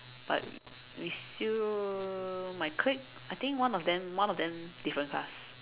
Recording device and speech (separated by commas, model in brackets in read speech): telephone, conversation in separate rooms